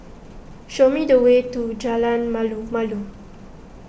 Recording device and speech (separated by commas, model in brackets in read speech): boundary microphone (BM630), read sentence